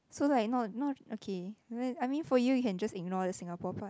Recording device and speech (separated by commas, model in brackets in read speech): close-talking microphone, conversation in the same room